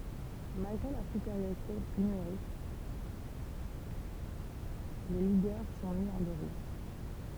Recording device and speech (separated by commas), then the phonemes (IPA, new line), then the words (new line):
temple vibration pickup, read sentence
malɡʁe lœʁ sypeʁjoʁite nymeʁik le liɡœʁ sɔ̃ mi ɑ̃ deʁut
Malgré leur supériorité numérique, les ligueurs sont mis en déroute.